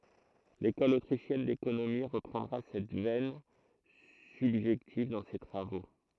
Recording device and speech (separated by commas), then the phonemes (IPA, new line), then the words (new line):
throat microphone, read sentence
lekɔl otʁiʃjɛn dekonomi ʁəpʁɑ̃dʁa sɛt vɛn sybʒɛktiv dɑ̃ se tʁavo
L’École autrichienne d'économie reprendra cette veine subjective dans ses travaux.